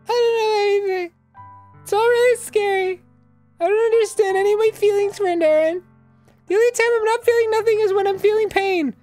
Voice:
Falsetto